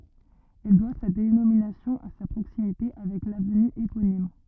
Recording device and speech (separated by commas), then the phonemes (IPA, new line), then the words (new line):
rigid in-ear microphone, read sentence
ɛl dwa sa denominasjɔ̃ a sa pʁoksimite avɛk lavny eponim
Elle doit sa dénomination à sa proximité avec l'avenue éponyme.